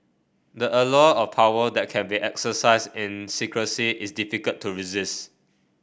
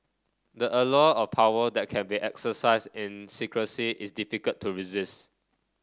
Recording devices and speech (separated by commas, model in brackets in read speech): boundary microphone (BM630), standing microphone (AKG C214), read sentence